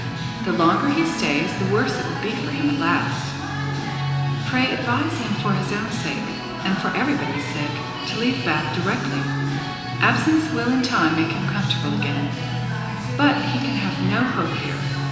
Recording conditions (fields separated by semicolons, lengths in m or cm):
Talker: one person; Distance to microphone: 1.7 m; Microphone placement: close; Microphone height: 1.0 m; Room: very reverberant, large; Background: music